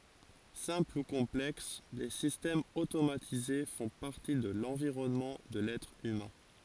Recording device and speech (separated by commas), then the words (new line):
forehead accelerometer, read sentence
Simples ou complexes, les systèmes automatisés font partie de l'environnement de l'être humain.